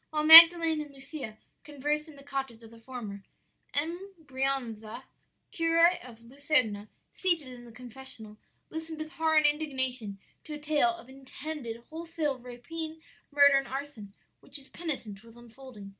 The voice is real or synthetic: real